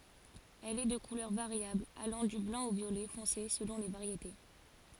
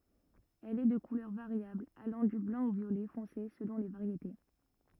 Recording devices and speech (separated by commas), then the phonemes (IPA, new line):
forehead accelerometer, rigid in-ear microphone, read sentence
ɛl ɛ də kulœʁ vaʁjabl alɑ̃ dy blɑ̃ o vjolɛ fɔ̃se səlɔ̃ le vaʁjete